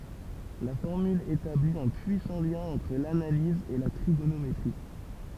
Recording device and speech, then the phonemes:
temple vibration pickup, read sentence
la fɔʁmyl etabli œ̃ pyisɑ̃ ljɛ̃ ɑ̃tʁ lanaliz e la tʁiɡonometʁi

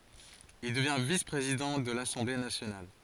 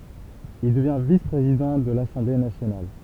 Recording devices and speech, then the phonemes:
forehead accelerometer, temple vibration pickup, read sentence
il dəvjɛ̃ vis pʁezidɑ̃ də lasɑ̃ble nasjonal

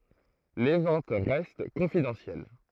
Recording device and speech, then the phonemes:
throat microphone, read sentence
le vɑ̃t ʁɛst kɔ̃fidɑ̃sjɛl

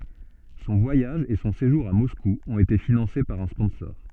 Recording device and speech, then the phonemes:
soft in-ear microphone, read sentence
sɔ̃ vwajaʒ e sɔ̃ seʒuʁ a mɔsku ɔ̃t ete finɑ̃se paʁ œ̃ spɔ̃sɔʁ

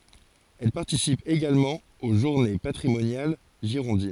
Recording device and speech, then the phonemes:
forehead accelerometer, read sentence
ɛl paʁtisip eɡalmɑ̃ o ʒuʁne patʁimonjal ʒiʁɔ̃din

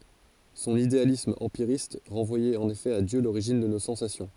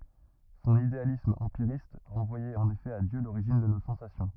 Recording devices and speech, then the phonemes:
forehead accelerometer, rigid in-ear microphone, read sentence
sɔ̃n idealism ɑ̃piʁist ʁɑ̃vwajɛt ɑ̃n efɛ a djø loʁiʒin də no sɑ̃sasjɔ̃

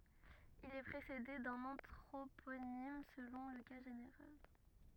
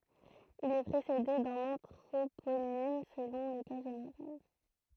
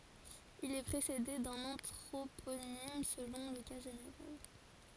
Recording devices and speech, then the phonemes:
rigid in-ear microphone, throat microphone, forehead accelerometer, read sentence
il ɛ pʁesede dœ̃n ɑ̃tʁoponim səlɔ̃ lə ka ʒeneʁal

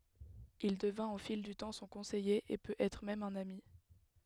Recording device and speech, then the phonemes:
headset microphone, read sentence
il dəvɛ̃t o fil dy tɑ̃ sɔ̃ kɔ̃sɛje e pøt ɛtʁ mɛm œ̃n ami

